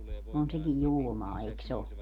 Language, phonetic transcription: Finnish, 'on sekij "julmaa eik's ‿o .
- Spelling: on sekin julmaa eikös ole

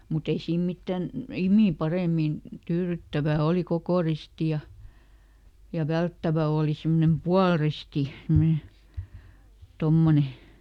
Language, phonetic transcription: Finnish, muˈt ‿ei ˈsiim ˈmittän , "-imì "parèmin , ˈtyyryttävä̀ ˈolì "kokò risti ja , ja ˈvälttävä ooli ˈsimmᵒnem "pualristi , semne , ˈtommone .
- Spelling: mutta ei siinä mitään nimiä paremmin tyydyttävä oli koko risti ja ja välttävä oli semmoinen puoliristi semmoinen tuommoinen

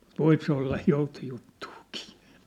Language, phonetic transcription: Finnish, ᵐŭt 'voip se olla , 'joutojuttᴜᴜkɪɪ .
- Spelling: mutta voi se olla joutojuttuakin

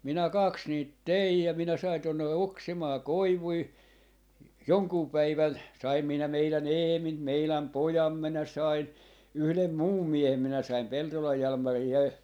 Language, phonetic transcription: Finnish, 'minä 'kaks niit "teij ja , 'minä 'sain tonne 'oksimaa "koivui , "joŋkuu 'päivän , 'saim minä 'meilä"n ‿"Eemin 'meiläm "pojam minä 'sain , 'yhlem "muum 'miehem minä saim 'Peltolaj 'Jalmari ja .
- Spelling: minä kaksi niitä tein ja minä sain tuonne oksimaan koivuja jonkun päivän sain minä meidän Eemin meidän pojan minä sain yhden muun miehen minä sain Peltolan Jalmarin ja

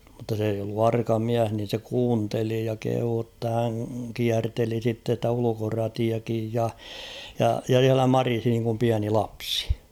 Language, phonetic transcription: Finnish, mᵘtta s ‿eij ‿ollu "arka "miäh nin̬ se 'kuunteli ja kehuu ‿tta 'häŋ 'kiärteli sitte ‿stä 'ulukoratiakij ja , ja , ja s̬iälä "marisi niiŋkum 'piäni "lapsɪ .
- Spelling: mutta se ei ollut arka mies niin se kuunteli ja kehui jotta hän kierteli sitten sitä ulkoratiakin ja ja ja siellä marisi niin kuin pieni lapsi

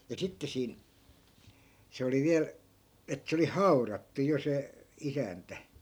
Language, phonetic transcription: Finnish, ja 'sitte siin , 'se oli 'viäl , et 'se oli "hau̬rattu 'jo se , 'isäntä .
- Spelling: ja sitten siinä se oli vielä että se oli haudattu jo se isäntä

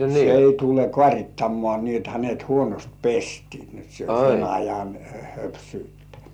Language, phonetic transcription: Finnish, 'se ei 'tule "kŏàŕittammŏà nii et hänet "huonost "pestɪɪ ni ‿ot se o 'sen ajan "höpsyyttᴀ̈ .
- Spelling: se ei tule kaarittamaan niin että hänet huonosti pestiin niin jotta se on sen ajan höpsyyttä

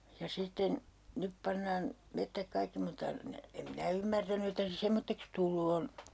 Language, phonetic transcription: Finnish, ja 'sitten , 'nyp pannaan , 'mettäk 'kaikki mutta , ne , em "minä ymmärtäny että se 'semmotteks "tullu on .
- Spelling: ja sitten nyt pannaan metsät kaikki mutta ne en minä ymmärtänyt että se semmoiseksi tullut on

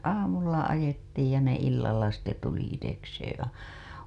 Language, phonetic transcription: Finnish, aamulla 'ajettiij ja ne 'illalla sitte tuli itekseeḛ a- .
- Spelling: aamulla ajettiin ja ne illalla sitten tuli itsekseen -

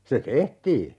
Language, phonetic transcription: Finnish, 'se "tehtii .
- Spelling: se tehtiin

